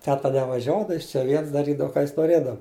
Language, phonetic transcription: Lithuanian, ˈteta nevaˈžiuoda ˈjis čia ˈviens daˈrydava ˈką ˈjis noˈrėdava

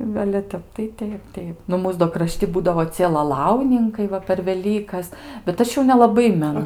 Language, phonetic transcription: Lithuanian, nu ale ˈtep tai ˈteip ˈteip ˈnu ˈmūs do kraˈšti ˈbūdavo ˈcie laˈlauninkai ˈva per veˈlykas bet ˈaš jau nelaˈbai meˈnu

